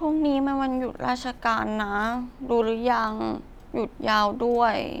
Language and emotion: Thai, frustrated